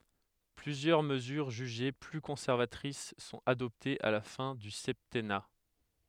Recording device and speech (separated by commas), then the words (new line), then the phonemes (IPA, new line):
headset microphone, read sentence
Plusieurs mesures jugées plus conservatrices sont adoptées à la fin du septennat.
plyzjœʁ məzyʁ ʒyʒe ply kɔ̃sɛʁvatʁis sɔ̃t adɔptez a la fɛ̃ dy sɛptɛna